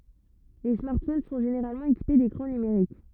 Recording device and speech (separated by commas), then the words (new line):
rigid in-ear microphone, read sentence
Les smartphones sont généralement équipés d'écrans numériques.